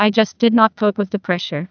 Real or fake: fake